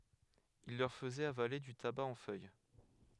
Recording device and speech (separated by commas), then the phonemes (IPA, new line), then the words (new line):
headset microphone, read sentence
il lœʁ fəzɛt avale dy taba ɑ̃ fœj
Ils leur faisaient avaler du tabac en feuilles.